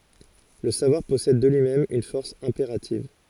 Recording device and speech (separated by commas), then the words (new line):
forehead accelerometer, read sentence
Le savoir possède de lui-même une force impérative.